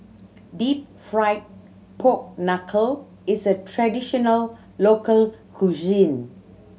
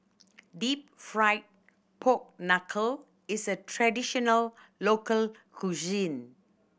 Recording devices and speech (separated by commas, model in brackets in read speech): mobile phone (Samsung C7100), boundary microphone (BM630), read sentence